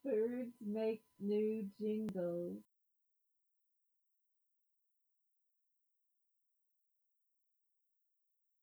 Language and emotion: English, happy